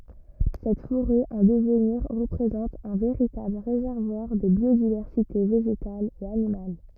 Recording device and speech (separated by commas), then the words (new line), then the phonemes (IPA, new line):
rigid in-ear microphone, read sentence
Cette forêt en devenir représente un véritable réservoir de biodiversité végétale et animale.
sɛt foʁɛ ɑ̃ dəvniʁ ʁəpʁezɑ̃t œ̃ veʁitabl ʁezɛʁvwaʁ də bjodivɛʁsite veʒetal e animal